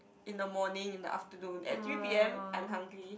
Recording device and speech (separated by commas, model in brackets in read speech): boundary microphone, conversation in the same room